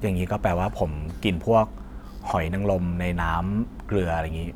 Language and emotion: Thai, neutral